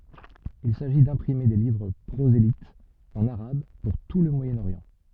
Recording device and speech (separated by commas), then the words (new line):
soft in-ear microphone, read sentence
Il s'agit d'imprimer des livres prosélytes en arabe pour tout le Moyen-Orient.